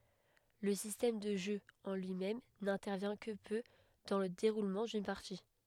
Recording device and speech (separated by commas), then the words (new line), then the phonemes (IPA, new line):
headset microphone, read sentence
Le système de jeu en lui-même n'intervient que peu dans le déroulement d'une partie.
lə sistɛm də ʒø ɑ̃ lyimɛm nɛ̃tɛʁvjɛ̃ kə pø dɑ̃ lə deʁulmɑ̃ dyn paʁti